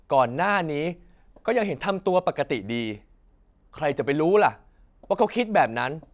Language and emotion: Thai, frustrated